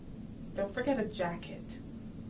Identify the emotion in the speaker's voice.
neutral